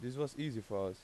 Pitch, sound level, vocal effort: 120 Hz, 88 dB SPL, normal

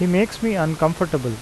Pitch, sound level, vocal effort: 170 Hz, 85 dB SPL, normal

